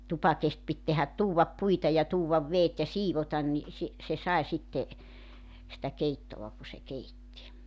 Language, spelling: Finnish, tupakesti piti tehdä tuoda puita ja tuoda vedet ja siivota niin - se sai sitten sitä keittoa kun se keitti
- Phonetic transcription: "tupakest pit tehät "tuuwvap 'puita ja 'tuuwvav 'veet ja "siivotan ni , si- , se 'sae sitte , sⁱtä 'keittova ku se 'keitti .

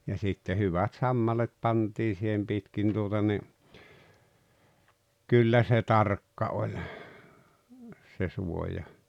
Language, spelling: Finnish, ja sitten hyvät sammalet pantiin siihen pitkin tuota niin kyllä se tarkka oli se suoja
- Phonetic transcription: ja sitte 'hyvät "sammalet 'pantii si̳hem 'pitkin tuota ni , 'kyllä se "tarkka oĺ , se 'suoja .

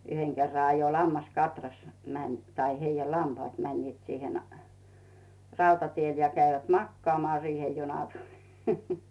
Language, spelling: Finnish, yhden kerran ajoi lammaskatras meni tai heidän lampaat menivät siihen rautatielle ja kävivät makaamaan siihen juna tuli
- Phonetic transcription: 'yheŋ kerra ajo 'lammas"katras , mäń , tai 'heijä "lampaat 'mäńniit siihen , "rautatiel ja 'käivät "makkᵒaamᵒaa siihᴇ 'junᴀ 'tᴜʟɪ .

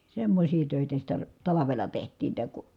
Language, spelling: Finnish, semmoisia töitä sitä talvella tehtiin että kun
- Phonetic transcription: semmośii tö̀itä sitä , talavela teht̀iin -tä ku ,.

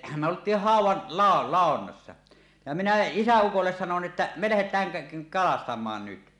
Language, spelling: Finnish, me oltiin haudan - ladonnassa ja minä isäukolle sanoin että me lähdetään - kalastamaan nyt
- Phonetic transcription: me olt̀iih 'hàuw̆wan , lào- "làonnassa , ja minä 'isä₍ukolles sanon ’ᵉttä » "me 'lähet̀ääŋ kä- 'kalastam̀aan nyt « .

